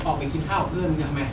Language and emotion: Thai, frustrated